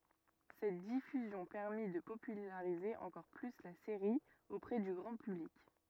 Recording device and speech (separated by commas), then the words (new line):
rigid in-ear microphone, read sentence
Cette diffusion permit de populariser encore plus la série auprès du grand public.